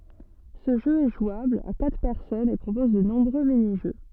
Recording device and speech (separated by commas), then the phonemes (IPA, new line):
soft in-ear microphone, read sentence
sə ʒø ɛ ʒwabl a katʁ pɛʁsɔnz e pʁopɔz də nɔ̃bʁø miniʒø